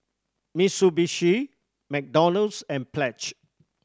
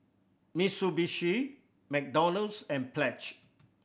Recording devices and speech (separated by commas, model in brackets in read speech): standing microphone (AKG C214), boundary microphone (BM630), read sentence